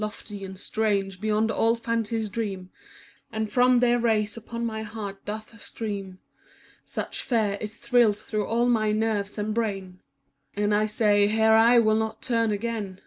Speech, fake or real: real